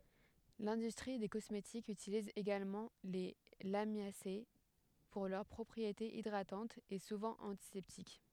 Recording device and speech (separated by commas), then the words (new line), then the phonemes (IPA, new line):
headset microphone, read sentence
L'industrie des cosmétiques utilise également les Lamiacées pour leurs propriétés hydratantes et souvent antiseptiques.
lɛ̃dystʁi de kɔsmetikz ytiliz eɡalmɑ̃ le lamjase puʁ lœʁ pʁɔpʁietez idʁatɑ̃tz e suvɑ̃ ɑ̃tisɛptik